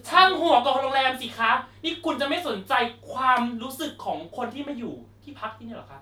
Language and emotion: Thai, angry